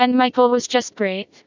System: TTS, vocoder